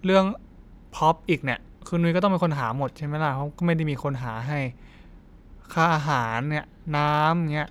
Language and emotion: Thai, frustrated